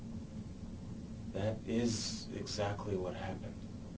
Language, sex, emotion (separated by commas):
English, male, sad